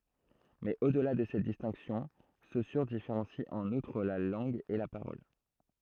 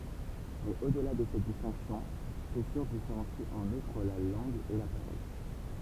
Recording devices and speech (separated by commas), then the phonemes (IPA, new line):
throat microphone, temple vibration pickup, read sentence
mɛz o dəla də sɛt distɛ̃ksjɔ̃ sosyʁ difeʁɑ̃si ɑ̃n utʁ la lɑ̃ɡ e la paʁɔl